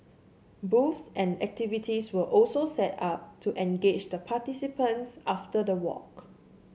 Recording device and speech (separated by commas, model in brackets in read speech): mobile phone (Samsung C7), read sentence